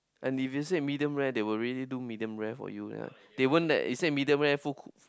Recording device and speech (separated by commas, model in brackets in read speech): close-talking microphone, conversation in the same room